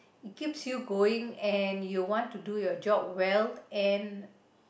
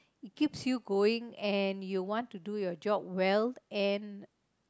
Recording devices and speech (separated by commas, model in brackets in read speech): boundary microphone, close-talking microphone, conversation in the same room